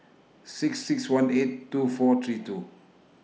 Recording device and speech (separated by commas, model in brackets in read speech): mobile phone (iPhone 6), read sentence